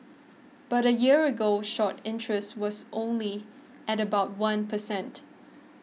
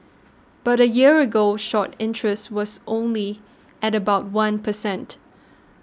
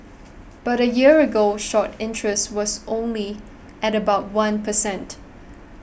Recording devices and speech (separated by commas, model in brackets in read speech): mobile phone (iPhone 6), standing microphone (AKG C214), boundary microphone (BM630), read sentence